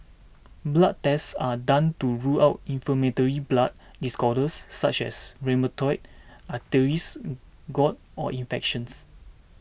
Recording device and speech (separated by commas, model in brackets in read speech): boundary microphone (BM630), read sentence